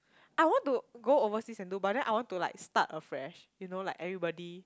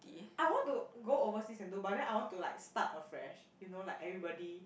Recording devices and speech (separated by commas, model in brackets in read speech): close-talking microphone, boundary microphone, conversation in the same room